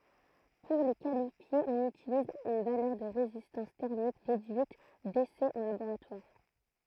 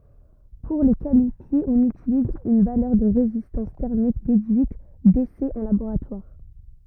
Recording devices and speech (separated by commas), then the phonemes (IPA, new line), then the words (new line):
throat microphone, rigid in-ear microphone, read sentence
puʁ le kalifje ɔ̃n ytiliz yn valœʁ də ʁezistɑ̃s tɛʁmik dedyit desɛz ɑ̃ laboʁatwaʁ
Pour les qualifier, on utilise une valeur de résistance thermique déduite d'essais en laboratoire.